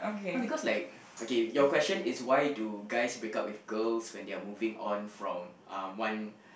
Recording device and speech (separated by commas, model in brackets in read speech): boundary microphone, conversation in the same room